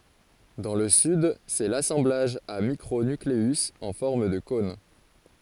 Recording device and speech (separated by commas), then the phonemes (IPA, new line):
forehead accelerometer, read sentence
dɑ̃ lə syd sɛ lasɑ̃blaʒ a mikʁo nykleyz ɑ̃ fɔʁm də kɔ̃n